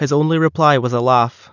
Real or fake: real